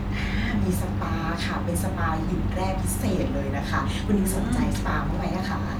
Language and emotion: Thai, happy